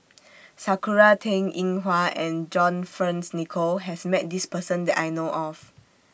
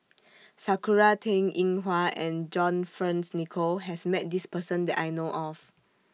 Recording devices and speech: boundary microphone (BM630), mobile phone (iPhone 6), read sentence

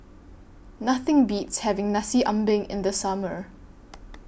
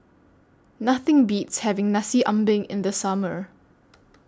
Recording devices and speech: boundary microphone (BM630), standing microphone (AKG C214), read sentence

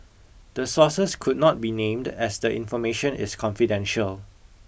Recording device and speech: boundary microphone (BM630), read sentence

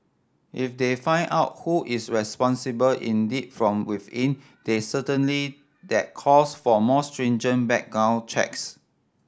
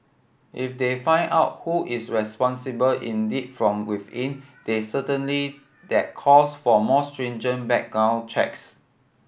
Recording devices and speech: standing microphone (AKG C214), boundary microphone (BM630), read sentence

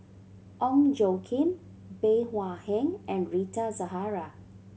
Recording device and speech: mobile phone (Samsung C7100), read sentence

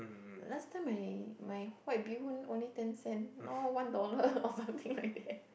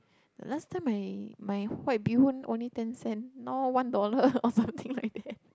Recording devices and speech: boundary microphone, close-talking microphone, conversation in the same room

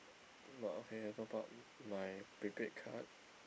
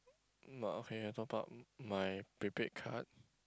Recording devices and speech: boundary microphone, close-talking microphone, conversation in the same room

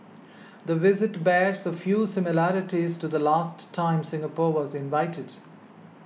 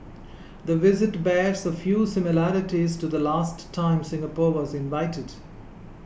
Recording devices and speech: mobile phone (iPhone 6), boundary microphone (BM630), read sentence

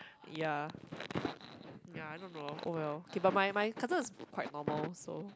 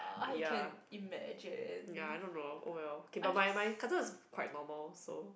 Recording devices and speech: close-talking microphone, boundary microphone, conversation in the same room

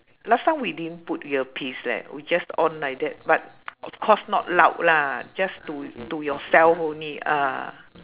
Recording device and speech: telephone, conversation in separate rooms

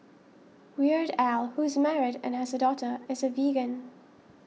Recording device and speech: mobile phone (iPhone 6), read sentence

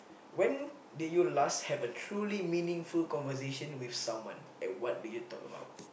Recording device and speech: boundary microphone, conversation in the same room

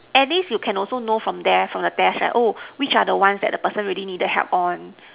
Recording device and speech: telephone, conversation in separate rooms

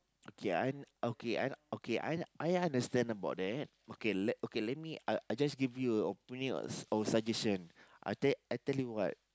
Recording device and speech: close-talking microphone, conversation in the same room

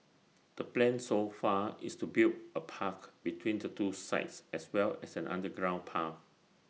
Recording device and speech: mobile phone (iPhone 6), read sentence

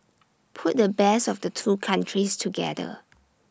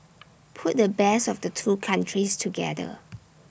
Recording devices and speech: standing microphone (AKG C214), boundary microphone (BM630), read sentence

